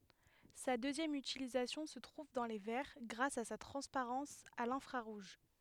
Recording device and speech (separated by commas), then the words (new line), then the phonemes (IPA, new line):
headset microphone, read sentence
Sa deuxième utilisation se trouve dans les verres, grâce à sa transparence à l'infrarouge.
sa døzjɛm ytilizasjɔ̃ sə tʁuv dɑ̃ le vɛʁ ɡʁas a sa tʁɑ̃spaʁɑ̃s a lɛ̃fʁaʁuʒ